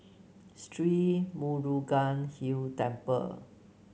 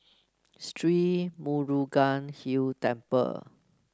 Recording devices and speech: mobile phone (Samsung C9), close-talking microphone (WH30), read sentence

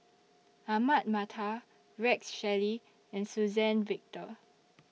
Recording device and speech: mobile phone (iPhone 6), read sentence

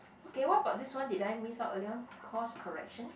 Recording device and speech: boundary microphone, conversation in the same room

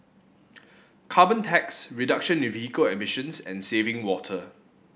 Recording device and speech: boundary microphone (BM630), read sentence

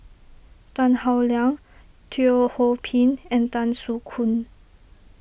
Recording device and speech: boundary microphone (BM630), read sentence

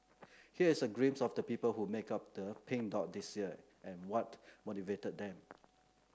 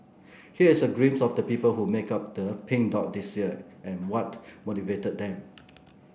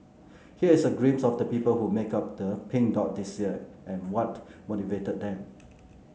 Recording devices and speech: close-talking microphone (WH30), boundary microphone (BM630), mobile phone (Samsung C9), read sentence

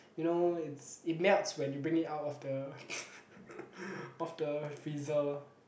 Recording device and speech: boundary microphone, conversation in the same room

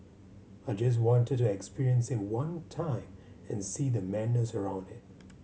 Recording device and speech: mobile phone (Samsung C7100), read sentence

